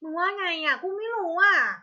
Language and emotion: Thai, frustrated